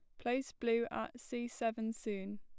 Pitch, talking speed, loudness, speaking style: 230 Hz, 165 wpm, -39 LUFS, plain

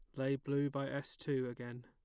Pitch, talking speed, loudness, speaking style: 135 Hz, 220 wpm, -39 LUFS, plain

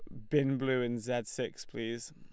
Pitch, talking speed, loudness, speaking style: 125 Hz, 200 wpm, -34 LUFS, Lombard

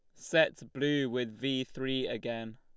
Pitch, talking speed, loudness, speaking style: 130 Hz, 155 wpm, -32 LUFS, Lombard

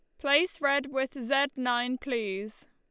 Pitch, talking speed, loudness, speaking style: 265 Hz, 145 wpm, -29 LUFS, Lombard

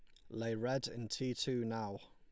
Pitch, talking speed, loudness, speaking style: 115 Hz, 205 wpm, -40 LUFS, Lombard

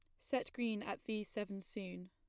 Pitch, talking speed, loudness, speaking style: 210 Hz, 190 wpm, -43 LUFS, plain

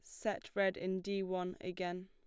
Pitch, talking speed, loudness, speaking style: 185 Hz, 195 wpm, -39 LUFS, plain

